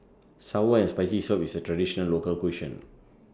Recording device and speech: standing microphone (AKG C214), read sentence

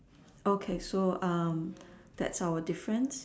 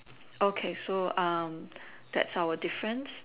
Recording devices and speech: standing microphone, telephone, conversation in separate rooms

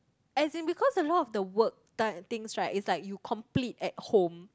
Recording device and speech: close-talking microphone, conversation in the same room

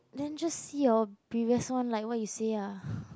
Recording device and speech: close-talking microphone, conversation in the same room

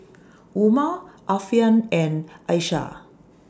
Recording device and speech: standing microphone (AKG C214), read sentence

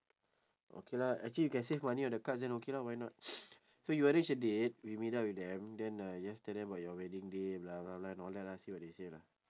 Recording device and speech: standing microphone, conversation in separate rooms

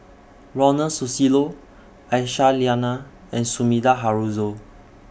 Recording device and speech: boundary microphone (BM630), read sentence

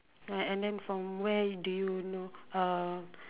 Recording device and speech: telephone, conversation in separate rooms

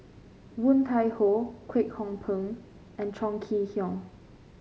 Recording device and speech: mobile phone (Samsung C5), read sentence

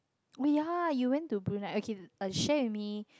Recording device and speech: close-talking microphone, conversation in the same room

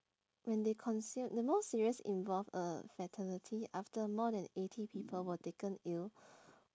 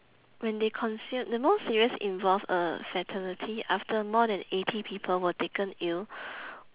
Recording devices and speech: standing microphone, telephone, conversation in separate rooms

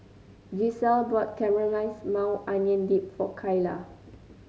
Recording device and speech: mobile phone (Samsung C9), read sentence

